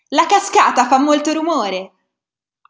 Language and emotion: Italian, happy